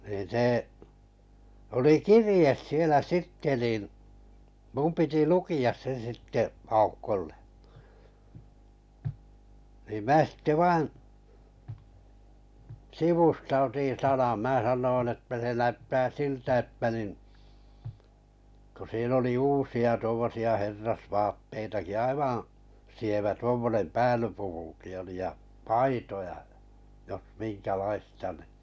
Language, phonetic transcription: Finnish, niin̬ 'sè , 'oli "kirĭjes sielä 'sitte nìn , 'mum piti "luki₍as se 'sitte , 'Aukkolle nii 'mää sitte 'vain̬ , "sivusta otin 'sanan 'mää 'sannoin että se 'näyttää 'siltä että nin , ku 'siin ‿oli 'uusi₍a tuommosi₍a 'herrasvaatteitaki 'aivaa̰ , sievä 'tuommonem "päälypukuki oli ja , "paitoja ʲa , jos 'minkä'laista ni .
- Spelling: niin se oli kirje siellä sitten niin minun piti lukea se sitten Aukolle niin minä sitten vain sivusta otin sanan minä sanoin että se näyttää siltä että niin kun siinä oli uusia tuommoisia herrasvaatteitakin aivan sievä tuommoinen päällyspukukin oli ja paitoja ja jos minkälaista niin

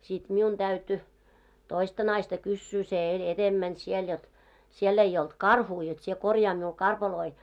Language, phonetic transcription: Finnish, sit 'miun ᴅäyty , 'toista 'naista kyssyy se 'eĺ 'etemmän 'siel jot , 'siell ‿ei olt "karhuu jot sie 'korjaa miul 'karpaloi .
- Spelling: sitten minun täytyi toista naista kysyä se eli edempänä siellä jotta siellä ei ollut karhua jotta sinä korjaa minulle karpaloita

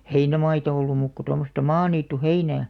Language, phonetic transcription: Finnish, heinämaita 'ollum muuk ko 'tommosta "maaniittu'heinää .
- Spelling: heinämaita ollut muuta kuin tuommoista maaniittyheinää

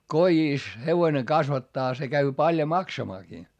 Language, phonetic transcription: Finnish, kojìs , hevoⁱne kasvattaa se käy paljo maksamaakii .
- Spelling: kodissa hevonen kasvattaa se käy paljon maksamaankin

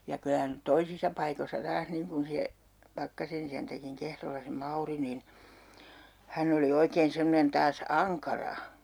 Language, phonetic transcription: Finnish, ja 'kylä n(y) , 'toisisa paikossa 'taas 'niiŋ kun se , 'Pakkasen ‿isäntäkiŋ 'Kehrolla se "Mauri nin , 'hän ‿oli 'oikeen 'semmᵒnen 'taas "aŋkara .
- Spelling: ja kyllä nyt toisissa paikoissa taas niin kuin se Pakkasen isäntäkin Kehrolla se Mauri niin hän oli oikein semmoinen taas ankara

